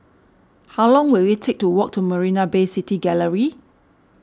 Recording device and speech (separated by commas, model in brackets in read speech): standing microphone (AKG C214), read sentence